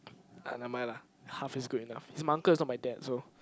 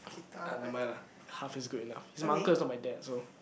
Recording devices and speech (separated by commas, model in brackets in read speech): close-talking microphone, boundary microphone, conversation in the same room